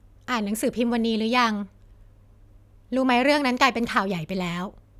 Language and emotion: Thai, neutral